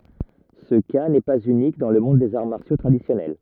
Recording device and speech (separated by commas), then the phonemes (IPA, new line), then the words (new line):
rigid in-ear microphone, read sentence
sə ka nɛ paz ynik dɑ̃ lə mɔ̃d dez aʁ maʁsjo tʁadisjɔnɛl
Ce cas n'est pas unique dans le monde des arts martiaux traditionnels.